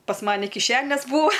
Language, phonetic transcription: Lithuanian, pas ˈmani kiˈšenės ˈbūa

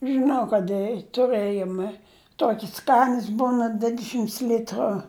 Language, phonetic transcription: Lithuanian, žɨˈnau kad ˈi tuˈrɘjome ˈtuokis ˈskanias ˈbūna ˈdvidešimts ˈlitru

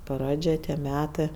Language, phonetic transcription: Lithuanian, ˈpradžia tie ˈmetɜ

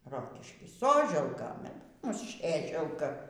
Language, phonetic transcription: Lithuanian, ˈrokišky ˈsoželka ˈmus ˈsėželka

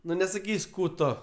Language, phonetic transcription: Lithuanian, ˈnu nesaˈkys' ˈkų ˈto

